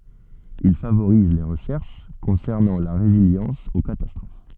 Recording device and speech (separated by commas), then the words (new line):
soft in-ear microphone, read sentence
Il favoriser les recherches concernant la résilience aux catastrophes.